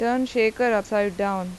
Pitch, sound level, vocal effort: 215 Hz, 89 dB SPL, normal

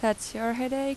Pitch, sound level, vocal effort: 235 Hz, 85 dB SPL, normal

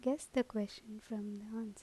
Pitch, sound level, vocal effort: 220 Hz, 77 dB SPL, soft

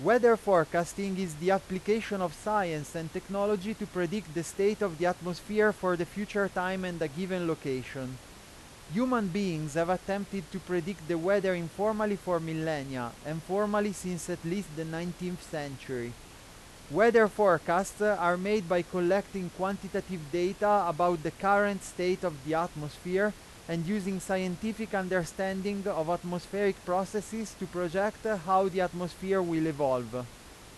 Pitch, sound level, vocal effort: 185 Hz, 93 dB SPL, very loud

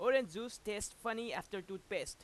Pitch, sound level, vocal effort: 230 Hz, 96 dB SPL, very loud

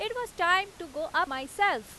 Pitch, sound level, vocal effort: 355 Hz, 94 dB SPL, very loud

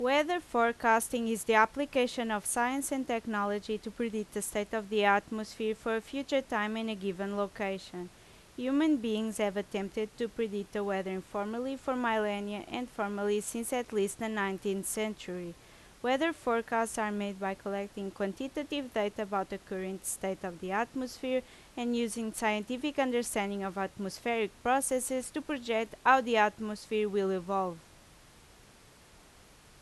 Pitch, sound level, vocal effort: 220 Hz, 85 dB SPL, very loud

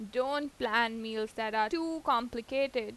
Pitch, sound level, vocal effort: 240 Hz, 90 dB SPL, loud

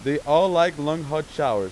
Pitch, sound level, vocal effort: 155 Hz, 96 dB SPL, very loud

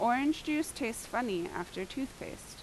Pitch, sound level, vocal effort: 240 Hz, 83 dB SPL, loud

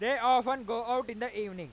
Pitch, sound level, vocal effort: 245 Hz, 105 dB SPL, very loud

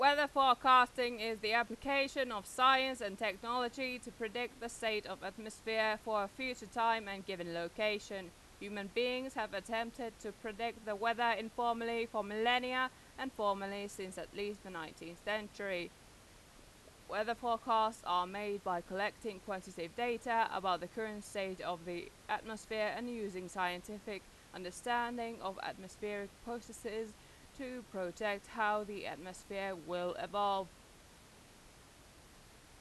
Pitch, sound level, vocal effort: 215 Hz, 93 dB SPL, very loud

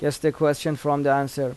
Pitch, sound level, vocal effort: 145 Hz, 86 dB SPL, normal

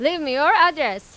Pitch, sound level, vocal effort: 295 Hz, 100 dB SPL, very loud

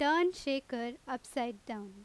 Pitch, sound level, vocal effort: 255 Hz, 88 dB SPL, very loud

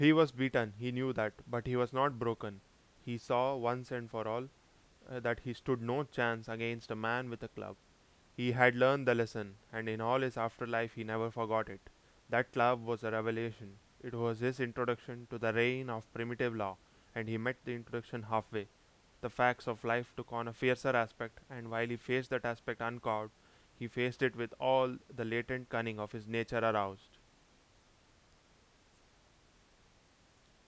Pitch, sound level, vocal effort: 115 Hz, 89 dB SPL, very loud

